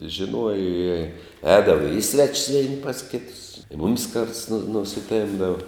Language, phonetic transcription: Lithuanian, žiˈnuoja i ˈēdava i ˈsvečis ˈveni pas ˈkitus i ˈmumis karts nu nusiˈtempdava

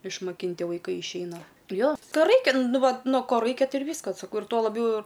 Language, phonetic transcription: Lithuanian, išmaˈkinti vaiˈkai išˈeina ˈjo ˈto ˈraikia ˈnu ˈvat ˈno ˈko ˈraikia ˈtai ir ˈvyskas saˈkau ir ˈto laˈbjau

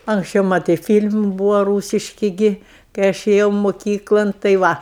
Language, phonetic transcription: Lithuanian, anksˈčiau ˈmatai ˈfyl'm ˈbūva ˈrūsiški ˈgi kai ˈaš ėˈjau moˈkyklan tai ˈva

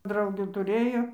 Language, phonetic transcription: Lithuanian, ˈdraugių tuˈrėjo

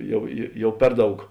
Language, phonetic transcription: Lithuanian, ˈjau jė ˈjau ˈper ˌdaug

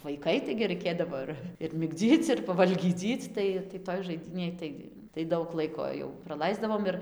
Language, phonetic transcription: Lithuanian, vaiˈkai taigi raiˈkėdavo ir ir migˈdzyc ir pavalgyˈdzyc ˈtai tai ˈtoj žaiˈdynėj tai tai ˈdaug ˈlaiko jau praˈlaisdavom ir

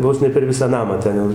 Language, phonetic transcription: Lithuanian, ˈvos ne per ˈvisą ˈnamą ˈten jau

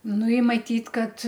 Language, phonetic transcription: Lithuanian, ˈnu i maˈtyt' ˈkad

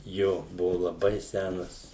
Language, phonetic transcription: Lithuanian, ˈjo ˈbuvu laˈbai ˈsænas

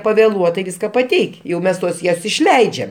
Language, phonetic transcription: Lithuanian, paveˈluotai ˈviska paˈteik' jau ˈmes tuos išˈleidžiam

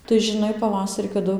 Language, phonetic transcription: Lithuanian, tai žiˈnai paˈvasarį kaˈdu

